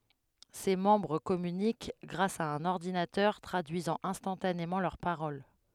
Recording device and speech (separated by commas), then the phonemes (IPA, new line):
headset microphone, read sentence
se mɑ̃bʁ kɔmynik ɡʁas a œ̃n ɔʁdinatœʁ tʁadyizɑ̃ ɛ̃stɑ̃tanemɑ̃ lœʁ paʁol